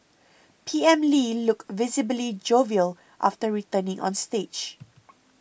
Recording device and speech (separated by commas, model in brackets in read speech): boundary microphone (BM630), read sentence